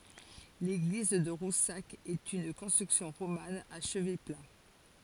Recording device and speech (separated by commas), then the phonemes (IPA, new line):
forehead accelerometer, read sentence
leɡliz də ʁusak ɛt yn kɔ̃stʁyksjɔ̃ ʁoman a ʃəvɛ pla